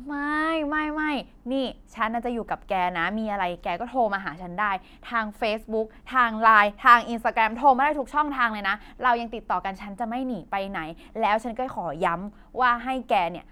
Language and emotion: Thai, happy